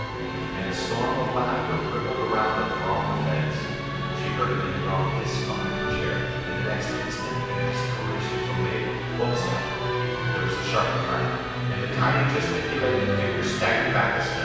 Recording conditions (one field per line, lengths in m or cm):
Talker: one person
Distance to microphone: 7.1 m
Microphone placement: far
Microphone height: 1.7 m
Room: very reverberant, large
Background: music